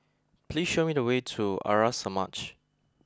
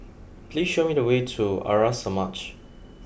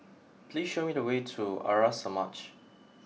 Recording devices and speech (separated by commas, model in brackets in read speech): close-talking microphone (WH20), boundary microphone (BM630), mobile phone (iPhone 6), read sentence